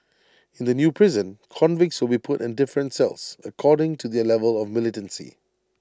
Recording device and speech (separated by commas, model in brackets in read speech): standing microphone (AKG C214), read sentence